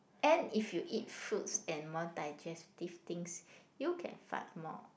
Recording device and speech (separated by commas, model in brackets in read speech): boundary microphone, conversation in the same room